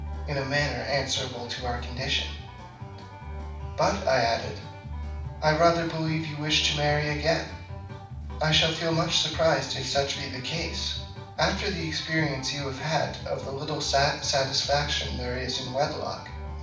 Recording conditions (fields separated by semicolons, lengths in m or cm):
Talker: one person; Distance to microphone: 5.8 m; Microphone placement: far; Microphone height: 1.8 m; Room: medium-sized (5.7 m by 4.0 m); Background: music